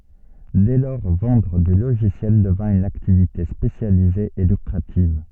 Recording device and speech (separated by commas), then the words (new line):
soft in-ear microphone, read sentence
Dès lors, vendre du logiciel devint une activité spécialisée et lucrative.